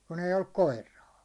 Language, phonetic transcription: Finnish, kun ‿eij ‿olluk "koir̆raa .
- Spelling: kun ei ollut koiraa

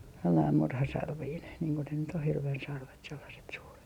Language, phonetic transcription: Finnish, sellaim 'murhasarviin niiŋ ko ne nyt ‿o hirven sarvet sellaset suuret .
- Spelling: sellainen murhasarvinen niin kuin ne nyt on hirven sarvet sellaiset suuret

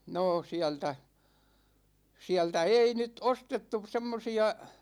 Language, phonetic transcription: Finnish, 'noo siältä , 'siältä 'ei 'nyt 'ostettu 'semmosi₍a ,.
- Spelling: no sieltä sieltä ei nyt ostettu semmoisia

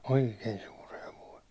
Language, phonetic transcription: Finnish, òikei 'suur 'hevoi .
- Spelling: oikein suuri hevonen

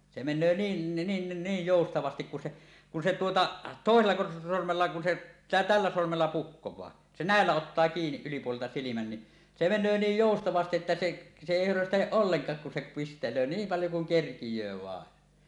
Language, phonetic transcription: Finnish, 'se 'men̆nöö 'niin nin 'niij "jòustavastik kun se , kun se 'tuota , "tòesella 'sormella kun se , "tällä 'sormella "pukkoẁaa , se "nä̀ellä 'ottaa 'kiiniˀ 'ˀylipuolelta 'silimän ni , "se 'men̆nöö 'niij "jòustavastiˀ ˀettä 'seˀ , se èi hörösteleˀ "ˀolleŋk̀aak kun se 'piste-l̀öö "niim "paljo kuŋ 'kerkij̀öö 'vàen .
- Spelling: se menee niin niin niin joustavasti kun se kun se tuota toisella sormella kun se tällä sormella puhkoo se näillä ottaa kiinni ylipuolelta silmän niin se menee niin joustavasti että se se ei höröstele ollenkaan kun se pistelee niin paljon kuin kerkiää vain

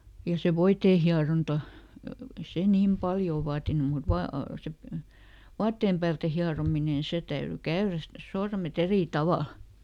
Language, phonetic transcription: Finnish, ja se "voitee hiaronta , ᵉⁱ ˈse ˈniim "paljò ˈvaatinu mut , ˈvaa- , ˈse "vaattèm päältä ˈhiaromine ⁿⁱ ˈse täyry "käyräs (sit) , ˈsormeˈt ‿erì "tavàl .
- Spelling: ja se voiteen hieronta ei se niin paljon vaatinut mutta - se vaatteen päältä hierominen niin se täytyi käydä sitten sormet eri tavalla

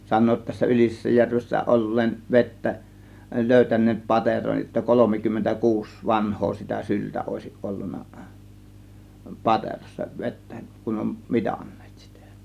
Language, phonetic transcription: Finnish, 'san̆noo( ‿ttä) tässä 'Ylisessäjärvessä 'ol̀leen , "vettä , 'lö̀ytän̆neet "pateroj jotta 'kolomikymmentä "kuus "vanh̀oo sitä "syltä òėsiˀ 'ˀollun̆na , "paterossa "vettÄ , kun om "mitANNEEt sItÄ .
- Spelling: sanovat - tässä Ylisessäjärvessä olleen vettä löytäneet pateron jotta kolmekymmentä kuusi vanhaa sitä syltä olisi ollut paterossa vettä kun on mitanneet sitä

